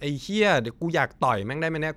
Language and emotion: Thai, angry